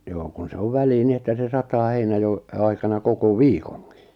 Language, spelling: Finnish, joo kun se on väliin niin että se sataa heinänajon aikana koko viikonkin
- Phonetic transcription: 'joo kun se 'ov 'välii 'ni että se 'sataa 'heinajo , aikana 'koko "viikoŋkɪ .

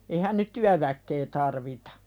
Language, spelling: Finnish, eihän nyt työväkeä tarvita
- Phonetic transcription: eihän nyt "tyäväkke 'tarvitᴀ .

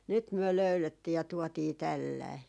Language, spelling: Finnish, nyt me löydettiin ja tuotiin tällainen
- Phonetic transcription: 'nyt 'myö "löylettii ja 'tuɔtii "tällai » .

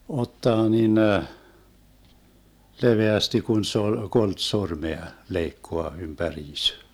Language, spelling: Finnish, ottaa niin leveästi kun se oli kolme sormea leikkaa ympäriinsä
- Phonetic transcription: 'ottaa 'ninə , 'leveästi kun se ol , 'kolt 'sormea , 'leikkoa ympä'riis .

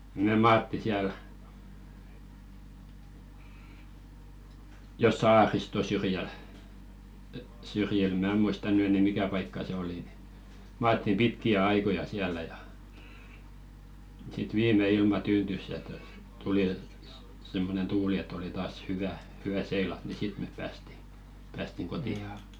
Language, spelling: Finnish, me maattiin siellä jo saariston syrjällä syrjillä minä muista nyt enää mikä paikka se oli niin maattiin pitkiä aikoja siellä ja sitten viimein ilma tyyntyi ja tuota tuli semmoinen tuuli että oli taas hyvä hyvä seilata niin sitten me päästiin päästiin kotiin
- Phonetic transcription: me "maatti 'siäl , jo "saaristo syrjäl , syrjil "mää 'muista ny enɛ "mikä 'paikka se 'oli ni , 'maattim "pitki₍ä 'aikoja siäl̆lä ja , sit "viim̆me 'ilma 'tyyntys ja tota , 'tuli , simmonen "tuuli et̆t ‿oli taas 'hyvä , 'hy₍ä "seilat ni "sit mep 'päästi , päästiŋ 'koti₍a .

